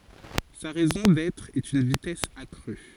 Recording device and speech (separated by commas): forehead accelerometer, read sentence